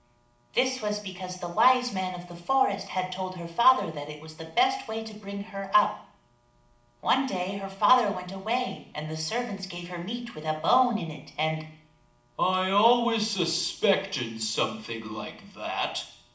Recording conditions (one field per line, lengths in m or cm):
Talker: one person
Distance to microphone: 2.0 m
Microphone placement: close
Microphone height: 99 cm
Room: medium-sized (5.7 m by 4.0 m)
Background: none